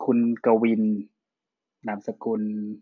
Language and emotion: Thai, neutral